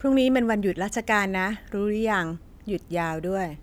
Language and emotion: Thai, neutral